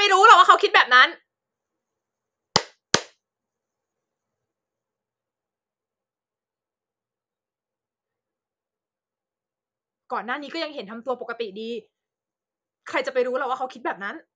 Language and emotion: Thai, angry